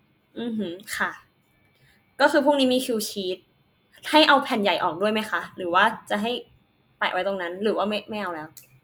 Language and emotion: Thai, frustrated